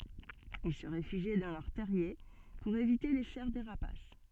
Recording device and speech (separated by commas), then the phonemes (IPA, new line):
soft in-ear microphone, read sentence
il sə ʁefyʒi dɑ̃ lœʁ tɛʁje puʁ evite le sɛʁ de ʁapas